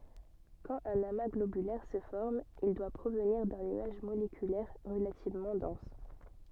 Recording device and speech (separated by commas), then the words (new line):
soft in-ear microphone, read sentence
Quand un amas globulaire se forme, il doit provenir d'un nuage moléculaire relativement dense.